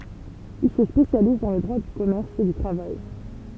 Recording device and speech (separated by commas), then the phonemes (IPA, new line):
temple vibration pickup, read sentence
il sə spesjaliz dɑ̃ lə dʁwa dy kɔmɛʁs e dy tʁavaj